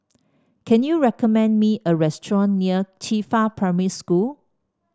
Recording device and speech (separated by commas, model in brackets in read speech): standing microphone (AKG C214), read sentence